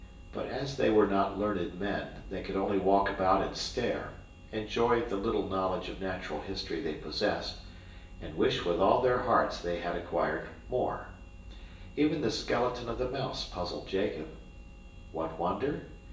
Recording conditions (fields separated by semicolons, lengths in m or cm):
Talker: one person; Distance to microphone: 1.8 m; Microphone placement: close; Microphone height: 1.0 m; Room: large; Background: none